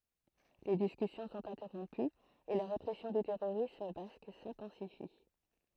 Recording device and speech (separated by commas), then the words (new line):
throat microphone, read sentence
Les discussions sont interrompues et la répression du terrorisme basque s'intensifie.